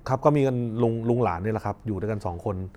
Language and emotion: Thai, neutral